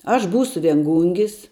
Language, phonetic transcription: Lithuanian, aš ˈbūsu vienˈgūngis

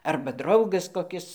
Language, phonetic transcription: Lithuanian, ˈarba ˈdraugas koˈkis

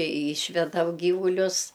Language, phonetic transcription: Lithuanian, i ˈyšvedam ˈgyvulius

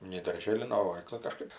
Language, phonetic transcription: Lithuanian, nei darˈžėlin ˈnu o ˈva tai kaˈžkaip

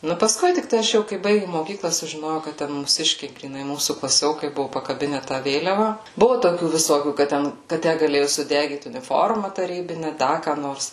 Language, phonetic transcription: Lithuanian, ˈnu paˈskui tikˈtai aš ˈjau kai ˈbaigim moˈkykla sužiˈnojau kad ˈten mūˈsiškiai gryˈnai ˈmūsų klaˈsiokai ˈbuvu pakaˈbine tą ˈvėliava ˈbuvu toˈkių viˈsokių kad ˈten ka ˈtæ gaˈlėju suˈdegyt uniˈforma taˈrybine ˈda ką ˈnors

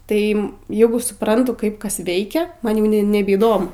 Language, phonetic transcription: Lithuanian, ˈtai ˈjegu suˈprantu ˈkaip ˈkas ˈveikia ˈman jau nebeįˈdomu

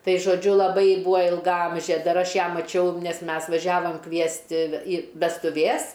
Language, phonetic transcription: Lithuanian, ˈtai žoˈdžiu laˈbai ˈbūa ilgaˈamžė ˈdar ˈaš ˈją maˈčiau ˈnes ˈmes vaˈžiavom ˈkviesti i vestuˈvės

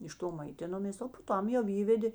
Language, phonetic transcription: Lithuanian, iš ˈto maiˈtinomės o po ˈtam jau ˈįvedė

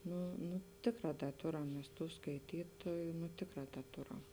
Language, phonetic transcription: Lithuanian, ˈnu nu ˈtėkˌrā ˈda ˈtoram ˈmes ˈtų skaiˈtytoju nu ˈtėkˌrā ˈda ˈtoram

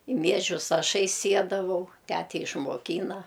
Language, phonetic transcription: Lithuanian, i ˈmiežius ˈašai ˈsiedavau ˈtæte išmoˈkyna

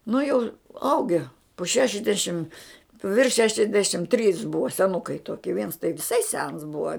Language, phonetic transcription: Lithuanian, nu jau ˈauge po ˈšešiasdešim virš ˈšešiasdešim trys ˈbuva seˈnukai ˈtoki viens tai viˈsai sens ˈbuva

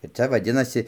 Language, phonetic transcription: Lithuanian, ir ˈcia vaˈdinasi

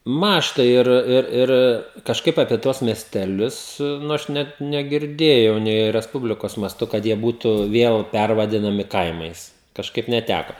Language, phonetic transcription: Lithuanian, ˈmąžta ir ˈir ˈir ˈir kažˈkaip apie ˈtuos miesteˈlius ˈnu ˈaš ˈnet negirˈdėjau nei resˈpublikos maˈstu kad ˈjie ˈbūtu ˈviel ˈpærvadinami ˈkaimais kažˈkaip neˈtæka

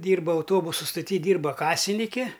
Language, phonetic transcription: Lithuanian, ˈdyrba auˈtobusu stoˈty ˈdyrba ˈkasiniki

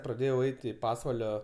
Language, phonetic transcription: Lithuanian, praˈdėjau ˈeit i ˈpasvalio

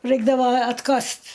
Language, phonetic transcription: Lithuanian, ˈraikdavo atˈkast

